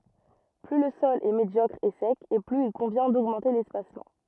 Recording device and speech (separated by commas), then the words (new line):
rigid in-ear microphone, read sentence
Plus le sol est médiocre et sec et plus il convient d'augmenter l'espacement.